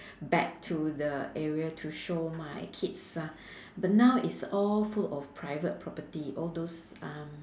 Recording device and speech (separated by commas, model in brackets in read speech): standing microphone, conversation in separate rooms